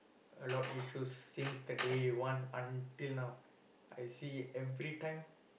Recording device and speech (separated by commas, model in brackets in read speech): boundary microphone, conversation in the same room